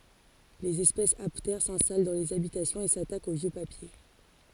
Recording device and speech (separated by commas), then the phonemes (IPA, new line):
forehead accelerometer, read sentence
lez ɛspɛsz aptɛʁ sɛ̃stal dɑ̃ lez abitasjɔ̃z e satakt o vjø papje